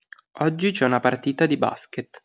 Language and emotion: Italian, neutral